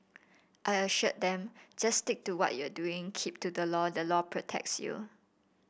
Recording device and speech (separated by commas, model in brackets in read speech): boundary microphone (BM630), read sentence